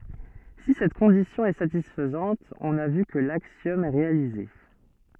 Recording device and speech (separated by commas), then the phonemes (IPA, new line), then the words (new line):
soft in-ear microphone, read sentence
si sɛt kɔ̃disjɔ̃ ɛ satisfɛt ɔ̃n a vy kə laksjɔm ɛ ʁealize
Si cette condition est satisfaite on a vu que l'axiome est réalisé.